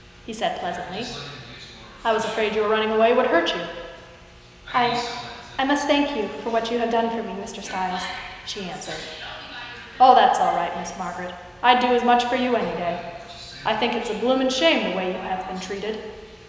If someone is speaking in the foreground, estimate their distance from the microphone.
1.7 m.